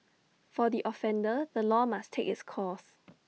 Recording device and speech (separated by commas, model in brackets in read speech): mobile phone (iPhone 6), read sentence